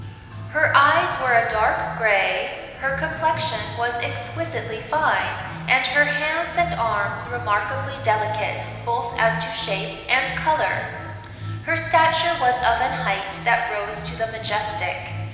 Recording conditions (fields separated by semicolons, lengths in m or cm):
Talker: one person; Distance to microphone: 1.7 m; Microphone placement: close; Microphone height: 1.0 m; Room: very reverberant, large; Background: music